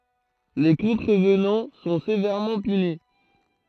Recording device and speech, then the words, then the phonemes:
throat microphone, read sentence
Les contrevenants sont sévèrement punis.
le kɔ̃tʁəvnɑ̃ sɔ̃ sevɛʁmɑ̃ pyni

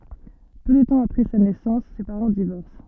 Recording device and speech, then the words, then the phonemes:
soft in-ear microphone, read sentence
Peu de temps après sa naissance, ses parents divorcent.
pø də tɑ̃ apʁɛ sa nɛsɑ̃s se paʁɑ̃ divɔʁs

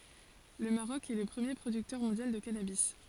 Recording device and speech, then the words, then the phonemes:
forehead accelerometer, read sentence
Le Maroc est le premier producteur mondial de cannabis.
lə maʁɔk ɛ lə pʁəmje pʁodyktœʁ mɔ̃djal də kanabi

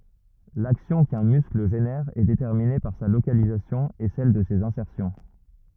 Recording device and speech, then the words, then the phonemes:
rigid in-ear microphone, read sentence
L'action qu'un muscle génère est déterminée par sa localisation et celle de ses insertions.
laksjɔ̃ kœ̃ myskl ʒenɛʁ ɛ detɛʁmine paʁ sa lokalizasjɔ̃ e sɛl də sez ɛ̃sɛʁsjɔ̃

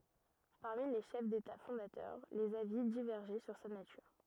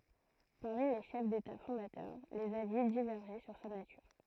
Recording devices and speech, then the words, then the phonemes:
rigid in-ear microphone, throat microphone, read sentence
Parmi les chefs d'État fondateurs, les avis divergeaient sur sa nature.
paʁmi le ʃɛf deta fɔ̃datœʁ lez avi divɛʁʒɛ syʁ sa natyʁ

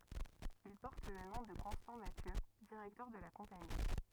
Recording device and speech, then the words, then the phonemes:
rigid in-ear microphone, read sentence
Il porte le nom de Constant Mathieu, directeur de la Compagnie.
il pɔʁt lə nɔ̃ də kɔ̃stɑ̃ masjø diʁɛktœʁ də la kɔ̃pani

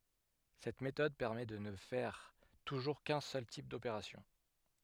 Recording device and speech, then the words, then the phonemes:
headset microphone, read sentence
Cette méthode permet de ne faire toujours qu'un seul type d'opération.
sɛt metɔd pɛʁmɛ də nə fɛʁ tuʒuʁ kœ̃ sœl tip dopeʁasjɔ̃

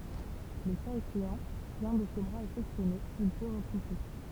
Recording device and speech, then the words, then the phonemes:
temple vibration pickup, read sentence
Le cas échéant, si un de ses bras est sectionné, il peut repousser.
lə kaz eʃeɑ̃ si œ̃ də se bʁaz ɛ sɛksjɔne il pø ʁəpuse

